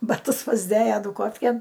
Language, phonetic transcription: Lithuanian, baˈtus pasˈdėja ˈdūkofkėn

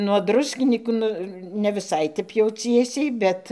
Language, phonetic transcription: Lithuanian, nuo ˈdruskinykų ˈnu ne viˈsai ˈtep jau ˈciesiai ˈbet

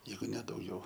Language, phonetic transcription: Lithuanian, ˈjeigu ne dauˈgiau

